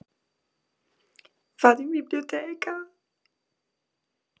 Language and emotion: Italian, sad